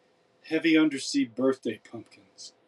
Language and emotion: English, sad